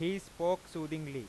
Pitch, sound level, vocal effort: 170 Hz, 96 dB SPL, very loud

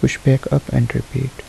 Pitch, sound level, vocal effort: 130 Hz, 71 dB SPL, soft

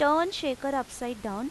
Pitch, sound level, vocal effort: 270 Hz, 89 dB SPL, loud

